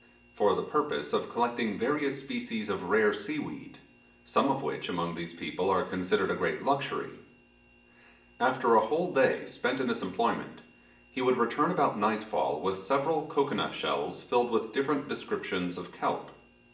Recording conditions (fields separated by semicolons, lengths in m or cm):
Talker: one person; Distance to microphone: 1.8 m; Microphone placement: close; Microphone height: 1.0 m; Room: large; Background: none